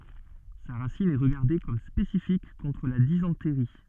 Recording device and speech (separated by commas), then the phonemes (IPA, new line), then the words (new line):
soft in-ear microphone, read sentence
sa ʁasin ɛ ʁəɡaʁde kɔm spesifik kɔ̃tʁ la dizɑ̃tʁi
Sa racine est regardée comme spécifique contre la dysenterie.